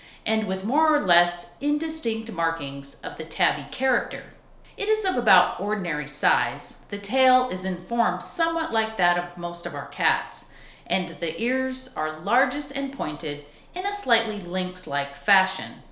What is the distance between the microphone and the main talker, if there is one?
1.0 m.